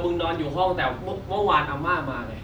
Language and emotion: Thai, frustrated